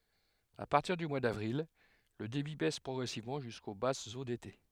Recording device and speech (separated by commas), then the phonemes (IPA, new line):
headset microphone, read sentence
a paʁtiʁ dy mwa davʁil lə debi bɛs pʁɔɡʁɛsivmɑ̃ ʒysko basz o dete